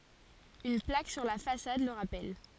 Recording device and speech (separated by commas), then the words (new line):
forehead accelerometer, read sentence
Une plaque sur la façade le rappelle.